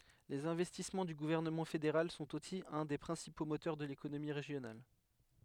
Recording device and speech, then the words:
headset microphone, read sentence
Les investissements du gouvernement fédéral sont aussi un des principaux moteurs de l'économie régionale.

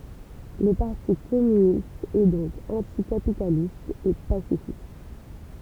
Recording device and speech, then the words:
temple vibration pickup, read sentence
Le Parti communiste est donc anti-capitaliste et pacifiste.

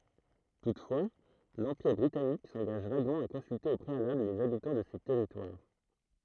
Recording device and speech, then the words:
throat microphone, read sentence
Toutefois, l'Empire britannique s'engage vaguement à consulter au préalable les habitants de ces territoires.

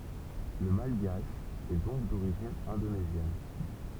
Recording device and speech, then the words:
temple vibration pickup, read sentence
Le malgache est donc d'origine indonésienne.

